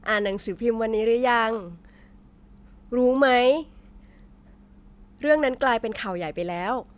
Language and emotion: Thai, neutral